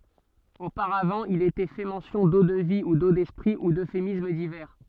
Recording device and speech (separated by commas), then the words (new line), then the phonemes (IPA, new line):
soft in-ear microphone, read sentence
Auparavant, il était fait mention d'eau-de-vie, ou d'eau d'esprit, ou d'euphémismes divers.
opaʁavɑ̃ il etɛ fɛ mɑ̃sjɔ̃ do də vi u do dɛspʁi u døfemism divɛʁ